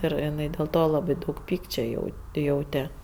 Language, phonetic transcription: Lithuanian, ˈir iˈnai dėl ˈto laˈbai daug ˈpykčio jau ˈjaute

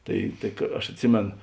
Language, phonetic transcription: Lithuanian, ˈtai tai ka aš atˈsimėn

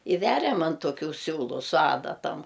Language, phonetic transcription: Lithuanian, i ˈveriam an toˈkių ˈsiūlu su ˈadatam

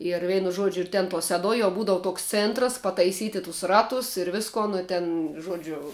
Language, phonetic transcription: Lithuanian, ir ˈveinu ˈžuodžiu ir ˈten tuo seˈduoj jau ˈbūdavu ˈtoks ˈcėntras pataiˈsyti tus ˈratus ir ˈviskon i ˈten ˈžuodžiu

